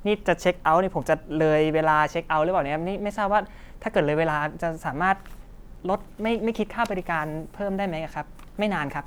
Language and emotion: Thai, frustrated